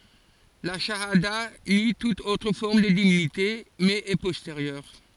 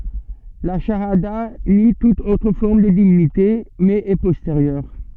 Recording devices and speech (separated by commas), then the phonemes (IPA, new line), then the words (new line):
forehead accelerometer, soft in-ear microphone, read sentence
la ʃaada ni tut otʁ fɔʁm də divinite mɛz ɛ pɔsteʁjœʁ
La chahada nie toute autre forme de divinité, mais est postérieure.